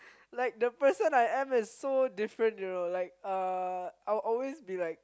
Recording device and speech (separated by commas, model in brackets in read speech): close-talking microphone, conversation in the same room